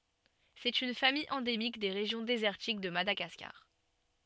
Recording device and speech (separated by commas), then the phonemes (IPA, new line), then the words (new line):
soft in-ear microphone, read sentence
sɛt yn famij ɑ̃demik de ʁeʒjɔ̃ dezɛʁtik də madaɡaskaʁ
C'est une famille endémique des régions désertiques de Madagascar.